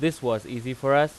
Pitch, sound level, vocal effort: 135 Hz, 93 dB SPL, loud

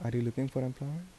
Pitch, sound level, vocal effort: 130 Hz, 76 dB SPL, soft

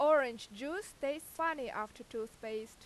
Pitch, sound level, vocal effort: 260 Hz, 93 dB SPL, very loud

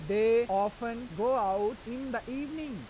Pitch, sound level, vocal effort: 235 Hz, 95 dB SPL, loud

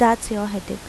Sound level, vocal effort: 82 dB SPL, normal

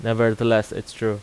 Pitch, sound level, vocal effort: 115 Hz, 87 dB SPL, loud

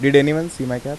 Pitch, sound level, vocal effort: 140 Hz, 88 dB SPL, soft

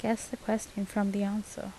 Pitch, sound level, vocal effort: 210 Hz, 76 dB SPL, soft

